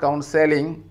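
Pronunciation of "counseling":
'Counseling' is pronounced incorrectly here.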